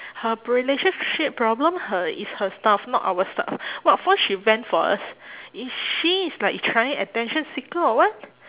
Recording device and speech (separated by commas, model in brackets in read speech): telephone, conversation in separate rooms